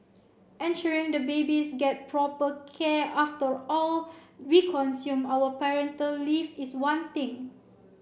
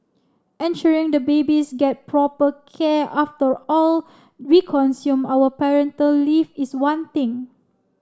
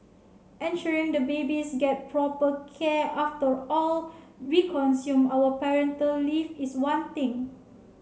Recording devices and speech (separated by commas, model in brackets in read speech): boundary microphone (BM630), standing microphone (AKG C214), mobile phone (Samsung C7), read sentence